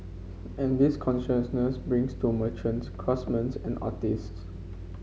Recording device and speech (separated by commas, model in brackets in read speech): mobile phone (Samsung C5), read sentence